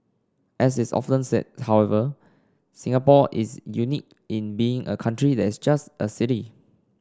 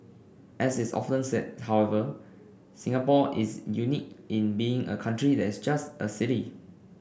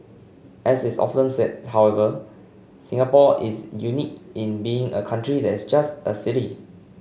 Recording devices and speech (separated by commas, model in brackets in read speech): standing microphone (AKG C214), boundary microphone (BM630), mobile phone (Samsung C5), read sentence